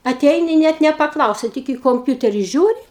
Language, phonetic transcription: Lithuanian, aˈteini ˈnet nepaˈklausia ˈtik į komˈpiuteri ˈžiūri

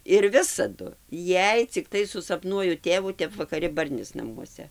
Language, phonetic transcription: Lithuanian, ir ˈvisadu ˈjei cikˈtai susapˈnuoju ˈtėvų ˈtep vakaˈri ˈbarnis naˈmuose

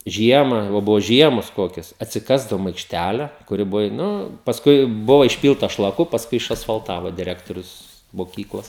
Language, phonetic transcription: Lithuanian, ˈžiemą va ˈbuvo ˈžiemos ˈkokias atsiˈkasdavom aikšˈtæle kuˈri ˈbuvo i ˈnu pasˈkui ˈbuva išˈpylta šlaˈku pasˈkui išasfalˈtavo diˈrektorius moˈkyklos

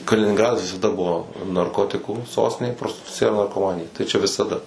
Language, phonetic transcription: Lithuanian, kalininˈgradas visaˈda ˈbuo narˈkotikų ˈsostinė prostiˈtucija ir narkoˈmanija tai ˈčia visaˈda

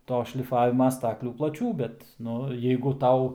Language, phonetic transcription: Lithuanian, ˈto šliˈfavima ˈstaklių plaˈčių ˈbet ˈnu jeigu ˈtau

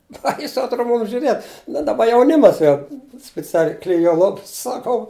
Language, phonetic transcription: Lithuanian, ˈbaisu atˈro ˈmūm žiuˈrėt bet ˈdaˌba jauˈnimas jau spiˈcialiai kliˈjuo ˈlops saˈkau

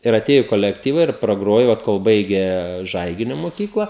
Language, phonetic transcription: Lithuanian, ir aˈtėju i kolekˈtyva ir praˈgrojo ˈot kol ˈbaigė ˈžaiginiu moˈkykla

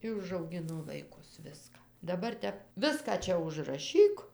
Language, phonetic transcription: Lithuanian, ˈi užauˈgino vaiˈkus ˈviską daˈbar ˈtep ˈviską ˈčia užraˈšyk

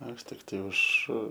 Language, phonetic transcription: Lithuanian, ˈaš ˈtiktai už

